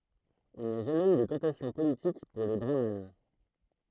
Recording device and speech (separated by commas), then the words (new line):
throat microphone, read sentence
Il n'y a jamais eu de tentation politique pour les brahmanes.